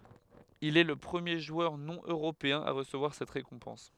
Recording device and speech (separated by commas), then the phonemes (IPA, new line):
headset microphone, read sentence
il ɛ lə pʁəmje ʒwœʁ nonøʁopeɛ̃ a ʁəsəvwaʁ sɛt ʁekɔ̃pɑ̃s